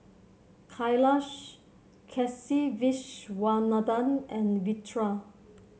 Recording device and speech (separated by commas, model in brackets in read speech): mobile phone (Samsung C7), read sentence